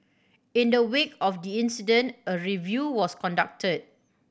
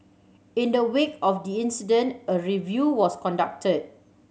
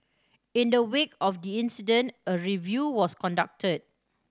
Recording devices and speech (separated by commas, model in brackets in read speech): boundary microphone (BM630), mobile phone (Samsung C7100), standing microphone (AKG C214), read sentence